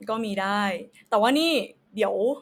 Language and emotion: Thai, neutral